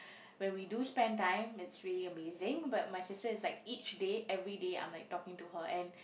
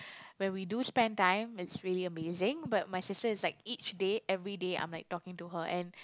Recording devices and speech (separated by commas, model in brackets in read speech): boundary microphone, close-talking microphone, conversation in the same room